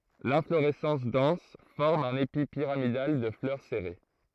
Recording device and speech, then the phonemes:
throat microphone, read sentence
lɛ̃floʁɛsɑ̃s dɑ̃s fɔʁm œ̃n epi piʁamidal də flœʁ sɛʁe

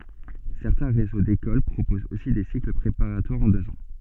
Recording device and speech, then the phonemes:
soft in-ear microphone, read sentence
sɛʁtɛ̃ ʁezo dekol pʁopozt osi de sikl pʁepaʁatwaʁz ɑ̃ døz ɑ̃

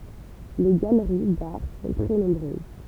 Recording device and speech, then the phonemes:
temple vibration pickup, read sentence
le ɡaləʁi daʁ sɔ̃ tʁɛ nɔ̃bʁøz

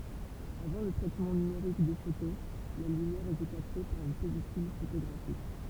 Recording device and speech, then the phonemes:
temple vibration pickup, read sentence
avɑ̃ lə tʁɛtmɑ̃ nymeʁik de foto la lymjɛʁ etɛ kapte paʁ yn pɛlikyl fotoɡʁafik

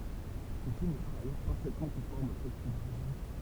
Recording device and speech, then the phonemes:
temple vibration pickup, read sentence
sə film ɛ paʁ ajœʁ paʁfɛtmɑ̃ kɔ̃fɔʁm o tɛkst doʁiʒin

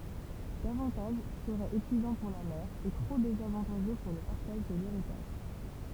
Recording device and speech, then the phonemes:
temple vibration pickup, read sentence
davɑ̃taʒ səʁɛt epyizɑ̃ puʁ la mɛʁ e tʁo dezavɑ̃taʒø puʁ lə paʁtaʒ də leʁitaʒ

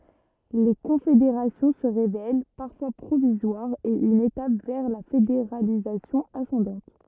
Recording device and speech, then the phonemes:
rigid in-ear microphone, read sentence
le kɔ̃fedeʁasjɔ̃ sə ʁevɛl paʁfwa pʁovizwaʁz e yn etap vɛʁ la fedeʁalizasjɔ̃ asɑ̃dɑ̃t

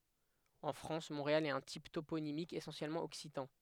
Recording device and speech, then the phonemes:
headset microphone, read sentence
ɑ̃ fʁɑ̃s mɔ̃ʁeal ɛt œ̃ tip toponimik esɑ̃sjɛlmɑ̃ ɔksitɑ̃

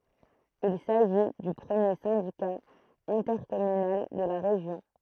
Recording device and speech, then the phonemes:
throat microphone, read sentence
il saʒi dy pʁəmje sɛ̃dika ɛ̃tɛʁkɔmynal də la ʁeʒjɔ̃

